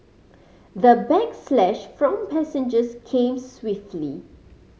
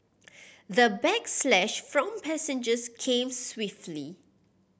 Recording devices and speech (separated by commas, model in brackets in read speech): mobile phone (Samsung C5010), boundary microphone (BM630), read sentence